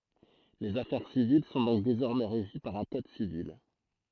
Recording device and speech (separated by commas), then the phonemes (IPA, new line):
throat microphone, read sentence
lez afɛʁ sivil sɔ̃ dɔ̃k dezɔʁmɛ ʁeʒi paʁ œ̃ kɔd sivil